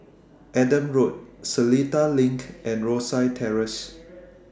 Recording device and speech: standing microphone (AKG C214), read sentence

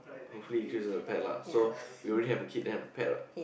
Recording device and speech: boundary microphone, conversation in the same room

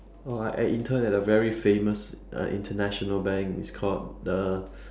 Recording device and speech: standing microphone, conversation in separate rooms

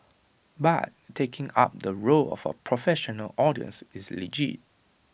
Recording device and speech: boundary microphone (BM630), read sentence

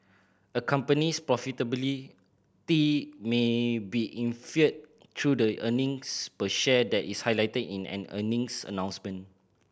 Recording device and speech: boundary microphone (BM630), read sentence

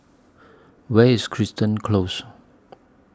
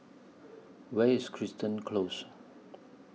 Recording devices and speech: standing microphone (AKG C214), mobile phone (iPhone 6), read sentence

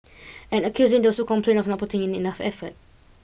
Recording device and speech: boundary microphone (BM630), read sentence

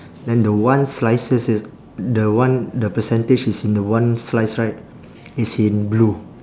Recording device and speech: standing microphone, conversation in separate rooms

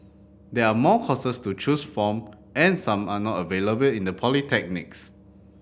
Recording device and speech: boundary microphone (BM630), read sentence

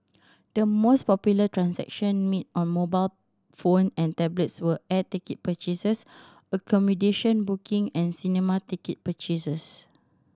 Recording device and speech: standing microphone (AKG C214), read sentence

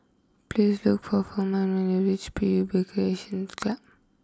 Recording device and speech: close-talking microphone (WH20), read sentence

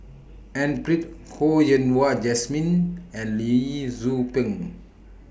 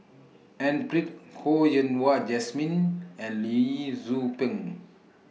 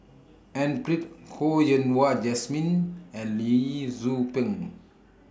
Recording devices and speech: boundary microphone (BM630), mobile phone (iPhone 6), standing microphone (AKG C214), read sentence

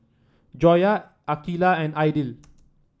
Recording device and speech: standing microphone (AKG C214), read sentence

